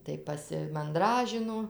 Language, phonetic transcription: Lithuanian, ˈtai pasimanˈdražino

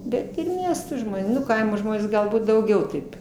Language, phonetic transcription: Lithuanian, ˈbet ir ˈmiesto ˈžmonė ˈnu ˈkaimo ˈžmonės galˈbūt dauˈgiau taip

